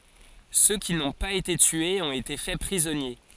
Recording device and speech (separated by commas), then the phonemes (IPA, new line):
forehead accelerometer, read sentence
sø ki nɔ̃ paz ete tyez ɔ̃t ete fɛ pʁizɔnje